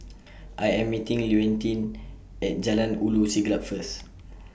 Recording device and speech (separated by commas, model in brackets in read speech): boundary microphone (BM630), read sentence